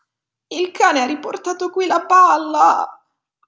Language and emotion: Italian, sad